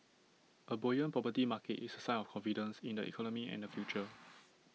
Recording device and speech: mobile phone (iPhone 6), read sentence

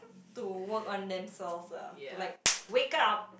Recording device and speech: boundary microphone, conversation in the same room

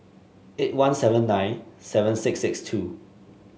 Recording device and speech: mobile phone (Samsung S8), read sentence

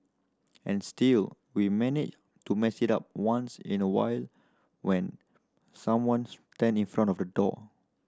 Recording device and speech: standing microphone (AKG C214), read sentence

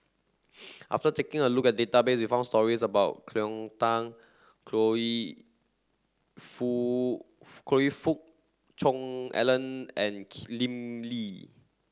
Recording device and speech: standing microphone (AKG C214), read sentence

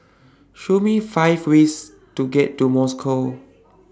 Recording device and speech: standing microphone (AKG C214), read sentence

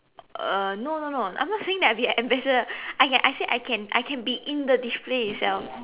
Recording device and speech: telephone, conversation in separate rooms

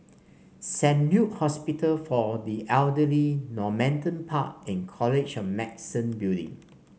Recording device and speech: mobile phone (Samsung C5), read sentence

